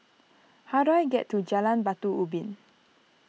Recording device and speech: mobile phone (iPhone 6), read sentence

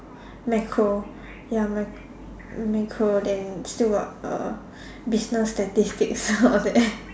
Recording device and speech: standing microphone, conversation in separate rooms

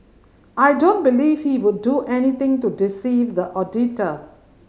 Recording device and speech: mobile phone (Samsung C5010), read sentence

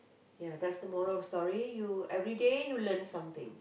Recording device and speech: boundary microphone, conversation in the same room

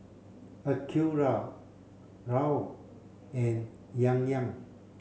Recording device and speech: mobile phone (Samsung C7), read sentence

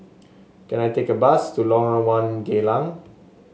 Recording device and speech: mobile phone (Samsung S8), read sentence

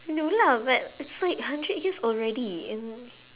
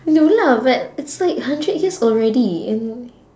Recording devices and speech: telephone, standing microphone, conversation in separate rooms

